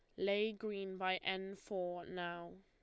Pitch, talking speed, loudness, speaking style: 190 Hz, 150 wpm, -41 LUFS, Lombard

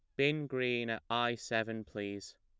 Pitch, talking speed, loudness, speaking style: 115 Hz, 165 wpm, -35 LUFS, plain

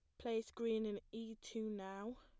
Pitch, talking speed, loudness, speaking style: 225 Hz, 180 wpm, -45 LUFS, plain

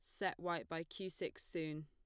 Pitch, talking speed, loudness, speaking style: 165 Hz, 220 wpm, -44 LUFS, plain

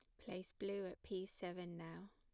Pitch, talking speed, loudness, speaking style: 185 Hz, 185 wpm, -49 LUFS, plain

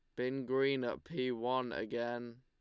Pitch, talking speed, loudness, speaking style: 125 Hz, 165 wpm, -37 LUFS, Lombard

